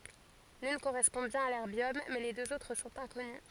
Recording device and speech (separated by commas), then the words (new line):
forehead accelerometer, read sentence
L'une correspond bien à l'erbium, mais les deux autres sont inconnues.